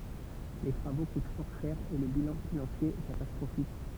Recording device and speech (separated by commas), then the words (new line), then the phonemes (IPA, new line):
temple vibration pickup, read sentence
Les travaux coûtent fort cher et le bilan financier est catastrophique.
le tʁavo kut fɔʁ ʃɛʁ e lə bilɑ̃ finɑ̃sje ɛ katastʁofik